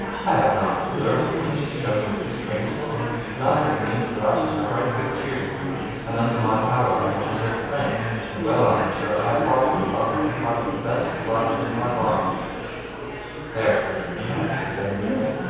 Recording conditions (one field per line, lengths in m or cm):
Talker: one person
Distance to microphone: 7.1 m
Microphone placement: far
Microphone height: 1.7 m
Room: very reverberant, large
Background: babble